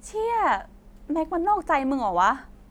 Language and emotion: Thai, angry